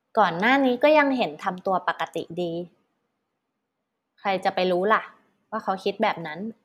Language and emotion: Thai, neutral